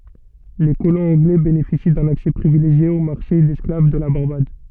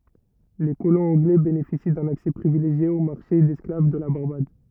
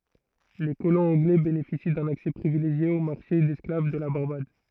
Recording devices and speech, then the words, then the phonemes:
soft in-ear microphone, rigid in-ear microphone, throat microphone, read sentence
Les colons anglais bénéficient d'un accès privilégié au marché d'esclaves de la Barbade.
le kolɔ̃z ɑ̃ɡlɛ benefisi dœ̃n aksɛ pʁivileʒje o maʁʃe dɛsklav də la baʁbad

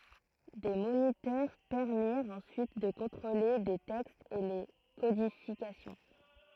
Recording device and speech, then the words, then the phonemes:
throat microphone, read sentence
Des moniteurs permirent ensuite de contrôler les textes et les codifications.
de monitœʁ pɛʁmiʁt ɑ̃syit də kɔ̃tʁole le tɛkstz e le kodifikasjɔ̃

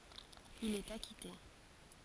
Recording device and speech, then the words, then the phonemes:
forehead accelerometer, read sentence
Il est acquitté.
il ɛt akite

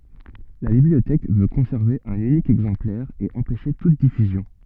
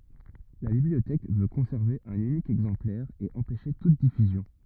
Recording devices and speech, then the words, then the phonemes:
soft in-ear microphone, rigid in-ear microphone, read sentence
La bibliothèque veut conserver un unique exemplaire et empêcher toute diffusion.
la bibliotɛk vø kɔ̃sɛʁve œ̃n ynik ɛɡzɑ̃plɛʁ e ɑ̃pɛʃe tut difyzjɔ̃

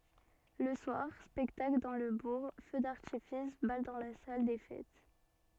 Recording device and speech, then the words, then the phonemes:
soft in-ear microphone, read sentence
Le soir, spectacle dans le bourg, feu d'artifice, bal dans la salle des fêtes.
lə swaʁ spɛktakl dɑ̃ lə buʁ fø daʁtifis bal dɑ̃ la sal de fɛt

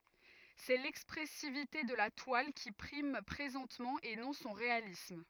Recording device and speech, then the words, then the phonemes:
rigid in-ear microphone, read sentence
C’est l’expressivité de la toile, qui prime présentement, et non son réalisme.
sɛ lɛkspʁɛsivite də la twal ki pʁim pʁezɑ̃tmɑ̃ e nɔ̃ sɔ̃ ʁealism

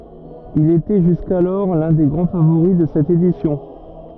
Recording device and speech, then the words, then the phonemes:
rigid in-ear microphone, read sentence
Il était jusqu'alors l'un des grands favoris de cette édition.
il etɛ ʒyskalɔʁ lœ̃ de ɡʁɑ̃ favoʁi də sɛt edisjɔ̃

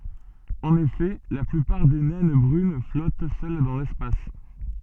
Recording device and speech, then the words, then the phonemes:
soft in-ear microphone, read sentence
En effet, la plupart des naines brunes flottent seules dans l'espace.
ɑ̃n efɛ la plypaʁ de nɛn bʁyn flɔt sœl dɑ̃ lɛspas

